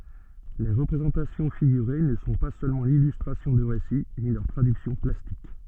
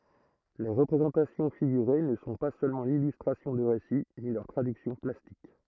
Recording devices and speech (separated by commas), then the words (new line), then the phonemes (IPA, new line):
soft in-ear microphone, throat microphone, read sentence
Les représentations figurées ne sont pas seulement l'illustration de récits, ni leur traduction plastique.
le ʁəpʁezɑ̃tasjɔ̃ fiɡyʁe nə sɔ̃ pa sølmɑ̃ lilystʁasjɔ̃ də ʁesi ni lœʁ tʁadyksjɔ̃ plastik